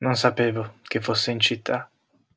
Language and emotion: Italian, sad